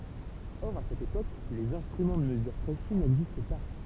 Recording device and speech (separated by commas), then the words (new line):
temple vibration pickup, read sentence
Or, à cette époque, les instruments de mesure précis n'existent pas.